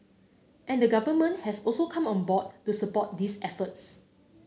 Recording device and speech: mobile phone (Samsung C9), read sentence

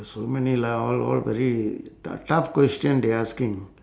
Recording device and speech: standing microphone, conversation in separate rooms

